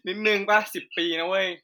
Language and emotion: Thai, neutral